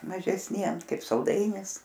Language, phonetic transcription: Lithuanian, mažesˈniem ˈkaip salˈdainis

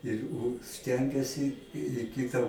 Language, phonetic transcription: Lithuanian, ir ˈu ˈstengiasi i ˈkita

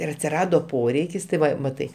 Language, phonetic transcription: Lithuanian, ir atsiˈrado ˈporeikis tai ˈva maˈtai

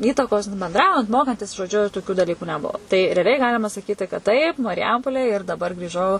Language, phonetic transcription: Lithuanian, ˈįtakos benˈdraujant ˈmokantis žoˈdžiu toˈkiu daˈlyku neˈbuo tai reaˈliai ˈgalima saˈkyti kad taip marˈjampolėj ir daˈbar grįˈžau

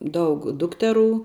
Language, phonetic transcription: Lithuanian, ˈdaug ˈdukteˌrų

